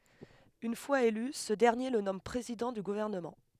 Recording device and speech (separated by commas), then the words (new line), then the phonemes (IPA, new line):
headset microphone, read sentence
Une fois élu, ce dernier le nomme président du gouvernement.
yn fwaz ely sə dɛʁnje lə nɔm pʁezidɑ̃ dy ɡuvɛʁnəmɑ̃